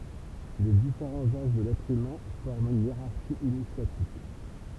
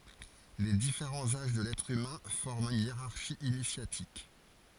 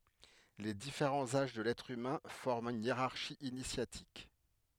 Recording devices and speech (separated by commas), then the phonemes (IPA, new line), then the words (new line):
temple vibration pickup, forehead accelerometer, headset microphone, read sentence
le difeʁɑ̃z aʒ də lɛtʁ ymɛ̃ fɔʁmt yn jeʁaʁʃi inisjatik
Les différents âges de l'être humain forment une hiérarchie initiatique.